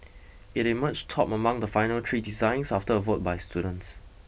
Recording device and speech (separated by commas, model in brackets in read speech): boundary microphone (BM630), read sentence